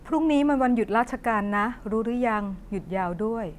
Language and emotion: Thai, neutral